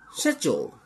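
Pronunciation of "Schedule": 'Schedule' is said with the British pronunciation.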